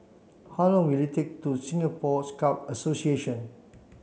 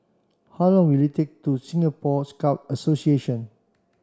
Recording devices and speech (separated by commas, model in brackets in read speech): mobile phone (Samsung C7), standing microphone (AKG C214), read sentence